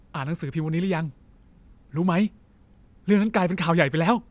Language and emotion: Thai, happy